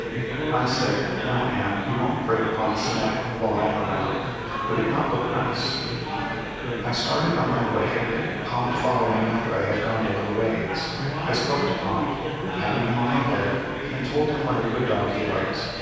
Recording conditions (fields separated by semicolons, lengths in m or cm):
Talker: one person; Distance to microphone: 7.1 m; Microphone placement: far; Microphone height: 1.7 m; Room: very reverberant, large; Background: babble